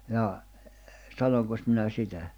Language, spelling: Finnish, jaa sanoinkos minä sitä
- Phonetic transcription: jaa , 'sanoŋkos minä 'sitä ?

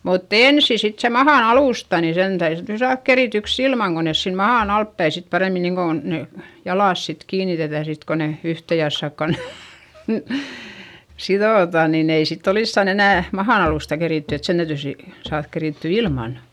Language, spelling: Finnish, mutta ensin sitten se mahan alusta niin sen täytyi sitten saada kerityksi ilman kun ne siinä mahan altapäin sitten paremmin niin kuin ne jalat sitten kiinnitetään sitten kun ne yhteen jassakkaan ne sidotaan niin ei sitten olisikaan enää mahan alusta keritty että sen täytyy sitten saada kerittyä ilman
- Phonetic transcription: mutt ‿ènsi sit se mahàn ‿alùsta ni sen täyδy sit saaδk kerityks ‿ilmaŋ ko nes siim mahàn ‿altpäi sit paremmi niŋkon ne , jalàs sit kiinitetä̀ sit ko ne , yhte jassakka ne , siδòtà niin ‿ei sitt ‿oliskan ‿enä̀ , mahan ‿alùsta kerìtty et sen täytỳ si , saaδk kerìtty ilmàn .

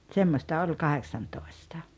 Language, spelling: Finnish, semmoista oli kahdeksantoista
- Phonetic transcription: 'tsemmosta oĺ 'kaheksantoestᴀ .

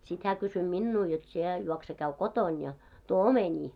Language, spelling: Finnish, sitten hän kysyi minua jotta sinä juokse käy kotona ja tuo omenia
- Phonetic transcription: sit hää 'kysy "minnuu jot sie , 'juokse 'käy "koton ja , 'tuo "omeńii .

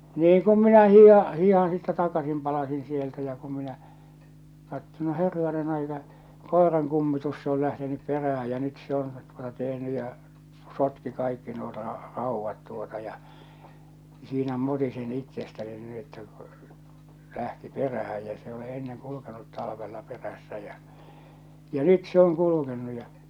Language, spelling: Finnish, niin kun minä hiihdän hiihdän sitten takaisin palasin sieltä ja kun minä katsoin no herranen aika koiran kummitus se oli lähtenyt perään ja nyt se on tuota tehnyt ja sotki kaikki nuo - raudat tuota ja siinä mutisin itsestäni niin että kun lähti perään ja se ei ole ennen kulkenut talvella perässä ja ja nyt se on kulkenut ja
- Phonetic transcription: niiŋ 'kum minä 'hi̳i̳ha , 'hi̳i̳han sittä 'takasim palasin sieltä ja kum minä , katto no 'herranen ‿aika , 'kòeraŋ kummitus se ‿ol lähtenyp 'perähä ja nyt se on , tuota tehny ja , 'sotki 'kaikki nuo ra- , 'ràuvvat tuota ja , siinä 'mutisin 'ittestäni nii että kᴜ , 'lähti "perähä jä s ‿e ole enneŋ 'kulukenut "talᵃvella 'perässä jä , ja "nyt se oŋ 'kulukennu ja .

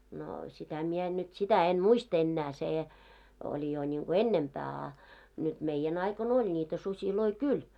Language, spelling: Finnish, no sitä minä en nyt sitä en muista enää se oli jo niin kuin ennempää a nyt <w id= aikoina oli niitä susia kyllä'
- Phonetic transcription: 'nò sitä mie en nyt , sitä 'en̳§ "muist ‿ennää 'sè , oĺi jo ńiŋɢo "ennempää a , nyt 'meije'n ‿aikon ‿oĺ ńiitä 'suśiloi "kyl .

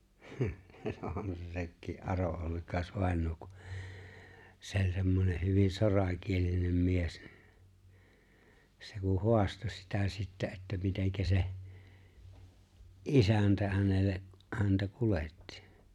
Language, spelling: Finnish, on se sekin Aron Ollikais-vainaja kun se oli semmoinen hyvin sorakielinen mies niin se kun haastoi sitä sitten että miten se isäntä hänelle häntä kuljetti
- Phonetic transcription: 'on se 'sekkii’ '’ᴀro’ '’Ollikài̬s'vài̬ǹoo ku , 'se ‿o͕ĺ 'semmoneh hyvin̬ 'sorakielinem 'mies (ɴɪ) , 'se ku 'hu̬asto sitä sittä että 'miteŋkä se , "’isäntä hänelle , häntä 'kulettɪ .

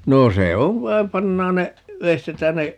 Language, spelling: Finnish, no se on vain pannaan ne veistetään ne
- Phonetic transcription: 'noo "se ov 'vaim - 'pannaan ne , 'veistetään ne ,.

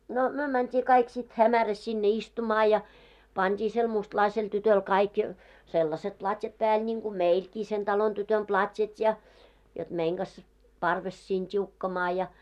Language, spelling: Finnish, no me mentiin kaikki sitten hämärässä sinne istumaan ja pantiin sille mustalaiselle tytölle kaikki sellaiset platjat päälle niin kuin meilläkin sen talon tytön platjat ja jotta meidän kanssa parvessa siinä tiukkamaan ja
- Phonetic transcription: no , 'myö mänt́ii kaik sit "hämäräs sinne 'istumaa ja , 'pant́ii sel 'mustlaisel tytöl kaik , 'sellaset 'plat́jat pääl ńiŋɢu "meilkii sen 'talon tytön 'plat́jat ja , jot 'meiŋ ɢas , 'parves siin 't́iukkamaa ja .

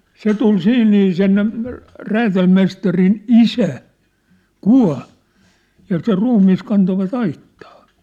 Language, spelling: Finnish, se tuli siinä niin sen räätälimestarin isä kuoli ja sen ruumis kantoivat aittaan
- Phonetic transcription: 'se tul "siin nii sen , 'räätälmestarin "isä , "kua̭l , ja ser 'ruummi̳s̳ kantovat "aittᴀᴀ .

